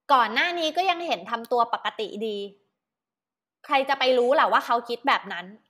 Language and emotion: Thai, frustrated